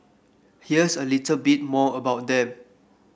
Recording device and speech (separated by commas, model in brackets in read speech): boundary microphone (BM630), read sentence